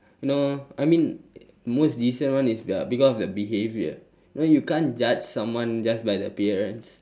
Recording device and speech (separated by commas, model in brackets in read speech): standing microphone, conversation in separate rooms